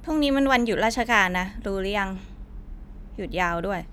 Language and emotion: Thai, angry